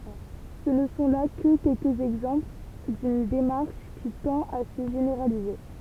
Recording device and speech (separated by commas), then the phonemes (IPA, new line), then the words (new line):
temple vibration pickup, read sentence
sə nə sɔ̃ la kə kɛlkəz ɛɡzɑ̃pl dyn demaʁʃ ki tɑ̃t a sə ʒeneʁalize
Ce ne sont là que quelques exemples d'une démarche qui tend à se généraliser.